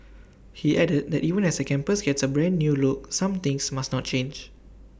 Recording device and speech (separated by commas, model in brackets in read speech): boundary microphone (BM630), read sentence